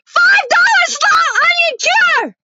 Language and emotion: English, neutral